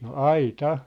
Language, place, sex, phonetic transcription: Finnish, Sippola, male, no "ai"ta .
- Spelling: no aita

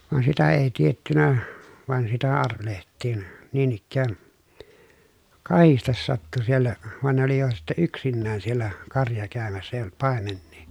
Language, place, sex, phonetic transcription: Finnish, Pielisjärvi, male, van sitä èi tiettynä , vài̮n arveleht̆tiin , niin ‿ikkään , kahistes sattu siellä , van ne ‿oli jo sitte yksinnään siel̀ä , karja kä̀ömässä èij ‿olt pàemennii .
- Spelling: vaan sitä ei tiedetty vain arvelehdittiin niin ikään kahdesti sattui siellä vaan ne oli jo sitten yksinään siellä karja käymässä ei ollut paimenia

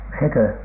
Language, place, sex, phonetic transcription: Finnish, Alatornio, male, 'sekö ?
- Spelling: sekö

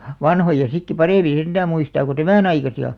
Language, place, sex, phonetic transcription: Finnish, Alastaro, female, vanhoja sikki 'parèmiḭ 'senᴅää 'muistaa ku "tämä̀n ‿aikasi₍a .
- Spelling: vanhoja sittenkin paremmin sentään muistaa kuin tämän aikaisia

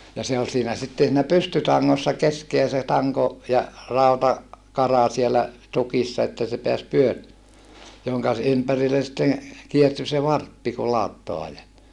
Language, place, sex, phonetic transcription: Finnish, Saarijärvi, male, ja se ol siinä sitten siinä pystytaŋŋossa keskeä se taŋko , ja , rauta- , -kara sielä , tukissa että se peäs pyö(ri-) , joŋka ‿s- , ympärillen̬ sitteŋ , kierty se varppi ku lauttoa ajet(aa) .
- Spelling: ja se oli siinä sitten siinä pystytangossa keskeä se tanko ja - rautakara siellä tukissa että se pääsi - jonka - ympärille sitten kiertyi se varppi kun lauttaa ajetaan

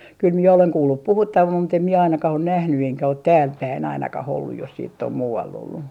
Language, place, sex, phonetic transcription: Finnish, Artjärvi, female, kyl mie oleŋ 'kuullup "puhuttavam mut ‿em mie ainakah on̆ nähny eŋkä ot "täälpäin 'ainakah ‿olluj jos siitt ‿om 'muu₍all ‿ollu .
- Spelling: kyllä minä olen kuullut puhuttavan mutta en minä ainakaan ole nähnyt enkä ole täälläpäin ainakaan ollut jos sitten on muualla ollut

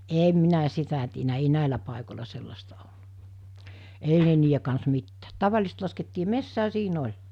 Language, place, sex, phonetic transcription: Finnish, Mikkeli, female, 'èm minä 'sitä tienä ei 'nä̀ilä pàikol̜a 'sellasta ol[lut] , 'ei ne niije kans 'mittäät 'tavalⁱsest laskettii "messää "sii'n ‿oĺ .
- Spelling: en minä sitä tiennyt ei näillä paikoilla sellaista ollut ei ne niiden kanssa mitään tavallisesti laskettiin metsään siinä oli

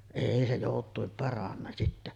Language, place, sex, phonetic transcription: Finnish, Sotkamo, female, 'èi se 'jòut̆tuim paranna sittä .
- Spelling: ei se joutuin paranna sitä

